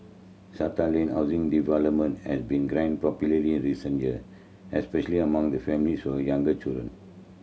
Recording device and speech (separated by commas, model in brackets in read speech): mobile phone (Samsung C7100), read sentence